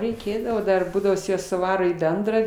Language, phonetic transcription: Lithuanian, reiˈkėdavo ˈdar ˈbūdavo jis ˈjas suˈvaro į ˈbendrą

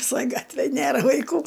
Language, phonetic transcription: Lithuanian, viˈsoj ˈgatvėj ˈnėra vaiˈkų

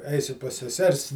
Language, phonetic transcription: Lithuanian, ˈeisiu pas seˈsers

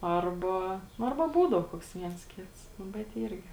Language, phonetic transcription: Lithuanian, ˈarba nu ˈarba ˈbūdau ˈkoks ˈviens ˈkits ˈnu bet ˈyrgi

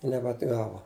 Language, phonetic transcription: Lithuanian, i nebeatˈgavo

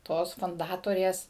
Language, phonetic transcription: Lithuanian, ˈtos funˈdatorės

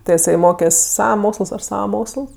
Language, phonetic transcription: Lithuanian, ˈtɜ iˈsai ˈmokes' ˈsava ˈmoksəls ˈaš ˈsava ˈmoksəls

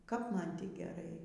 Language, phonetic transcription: Lithuanian, kap ˈman ˈtį geˈrai

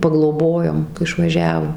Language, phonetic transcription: Lithuanian, pagloˈbojom išvaˈžiavo

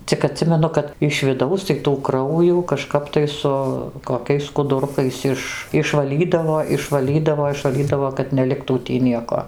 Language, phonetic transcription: Lithuanian, cik aˈtsimenu kad iš viˈdaus tai tų ˈkraujų kažˈkap tai ˈsu koˈkiais skuduˈrukais ˈiš išvaˈlydavo išvaˈlydavo išvaˈlydavo kad neˈliktų ˈtį ˈnieko

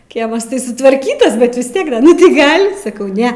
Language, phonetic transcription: Lithuanian, ˈkiemas tai sutvarˈkytas bet vis ˈtiek ˈda nu tai ˈgal' saˈkau ˈne

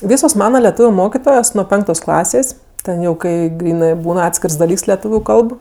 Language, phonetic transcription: Lithuanian, ˈvysos ˈmana leˈtūviu ˈmokitojos nuo ˈpenktos ˈklasės' ˈten jau ˈkai ˈgrynɜ ˈbūn ˈatskirs daˈlyks leˈtūviu ˈkalb

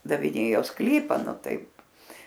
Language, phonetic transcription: Lithuanian, daviˈnėjo ˈsklypa ˈnu ˈtaip

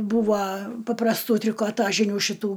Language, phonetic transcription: Lithuanian, ˈbūva paprasˈtų trikoˈtažinių šiˈtų

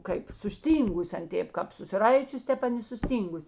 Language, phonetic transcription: Lithuanian, kaip susˈtyngus ˈan ˈtėp kap susiˈraičius ˈtep ˈan i suˈstyngus

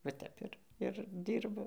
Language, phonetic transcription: Lithuanian, va ˈtep ir ir ˈdyrbu

